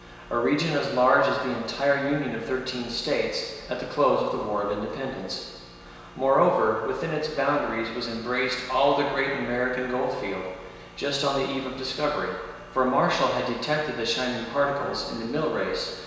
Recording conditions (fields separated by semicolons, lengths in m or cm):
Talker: one person; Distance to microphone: 1.7 m; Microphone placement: close; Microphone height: 1.0 m; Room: very reverberant, large; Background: none